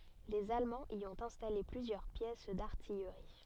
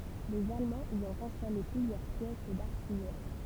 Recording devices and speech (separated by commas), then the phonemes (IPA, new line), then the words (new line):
soft in-ear microphone, temple vibration pickup, read sentence
lez almɑ̃z i ɔ̃t ɛ̃stale plyzjœʁ pjɛs daʁtijʁi
Les Allemands y ont installé plusieurs pièces d'artillerie.